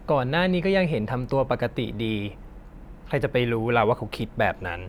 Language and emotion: Thai, frustrated